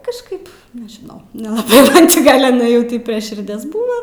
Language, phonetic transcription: Lithuanian, kažˈkaip nežiˈnau nelaˈbai ˈman či ˈgal' iˈnai ˈtį prie širˈdies ˈbūvo

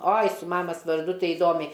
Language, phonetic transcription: Lithuanian, ˈoi su ˈmamas varˈdu ˈtai iˈdomiai

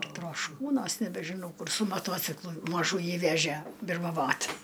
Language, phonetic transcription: Lithuanian, trošˈkūnuos nebežiˈnau kur su maˈtuociklu maˈžųjį ˈvežie birmaˈvot

